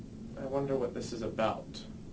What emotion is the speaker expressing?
neutral